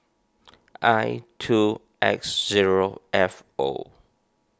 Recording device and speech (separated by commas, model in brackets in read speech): standing microphone (AKG C214), read sentence